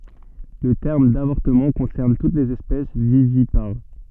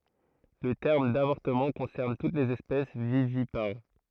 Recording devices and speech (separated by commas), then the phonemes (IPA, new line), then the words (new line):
soft in-ear microphone, throat microphone, read sentence
lə tɛʁm davɔʁtəmɑ̃ kɔ̃sɛʁn tut lez ɛspɛs vivipaʁ
Le terme d'avortement concerne toutes les espèces vivipares.